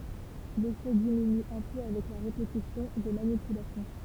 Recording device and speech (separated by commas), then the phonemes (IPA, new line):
temple vibration pickup, read sentence
lefɛ diminy œ̃ pø avɛk la ʁepetisjɔ̃ de manipylasjɔ̃